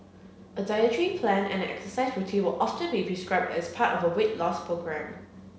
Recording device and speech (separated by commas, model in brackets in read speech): mobile phone (Samsung C7), read sentence